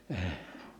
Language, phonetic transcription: Finnish, əh .
- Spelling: -

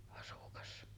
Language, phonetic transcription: Finnish, asukas .
- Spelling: asukas

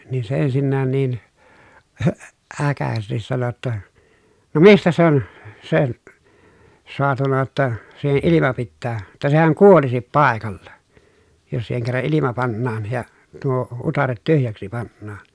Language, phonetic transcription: Finnish, niin se ensinnään niin , hö , äkäsestis sano ‿tta , » no mistä se ‿on , sen̬ , soatuna ʲᵒtta , siihe ʼilima pittää , tä sehäŋ kuolisip pàekalla , jos siiheŋ kerra ʼilima pannaan ja , tuo utaret tyhjäksi pannaan » .
- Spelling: niin se ensinnäkin niin - äkäisesti sanoi jotta no mistä se on sen saatu jotta siihen ilma pitää että sehän kuolisi paikalla jos siihen kerran ilma pannaan ja tuo utareet tyhjäksi pannaan

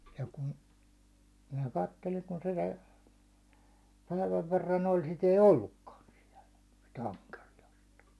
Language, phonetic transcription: Finnish, ja kun , minä 'katteliŋ kun se (jäi) , 'päiväv 'verran 'oĺ sit ‿ei "ollukkaan siɛlᴀ̈ , sit 'aŋkerijast .
- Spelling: ja kun minä katselin kun se jäi päivän verran oli sitä ei ollutkaan siellä sitä ankeriasta

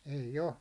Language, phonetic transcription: Finnish, ei"j ‿o .
- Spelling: ei ole

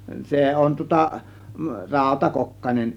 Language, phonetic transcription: Finnish, 'se on tŭŏta , "ràȯta'kokkanen .
- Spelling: se on tuota rautakokkanen

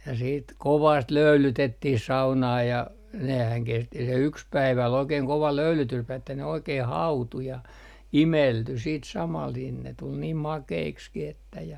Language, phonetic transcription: Finnish, ja siit "kovast 'löylytettih 'saunaa ja , nehän 'kesti se 'yks 'päivä ol 'oikeeŋ 'kova "löylytyspäiv ‿että ne 'oikeeh "hautu ja , "imelty 'siit 'samal nin ne tul niim "makeikskih ‿että ja .
- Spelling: ja sitten kovasti löylytettiin saunaa ja nehän kesti se yksi päivä oli oikein kova löylytyspäivä että ne oikein hautui ja imeltyi sitten samalla niin ne tuli niin makeiksikin että ja

